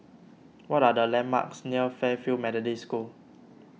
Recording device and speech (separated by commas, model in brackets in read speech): mobile phone (iPhone 6), read sentence